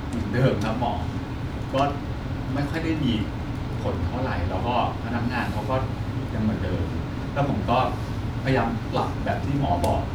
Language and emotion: Thai, frustrated